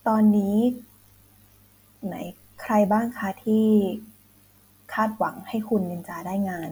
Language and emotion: Thai, frustrated